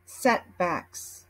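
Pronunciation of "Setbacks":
'Setbacks' is pronounced in American English.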